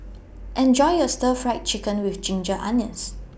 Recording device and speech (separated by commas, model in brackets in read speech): boundary microphone (BM630), read sentence